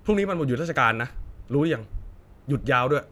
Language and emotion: Thai, angry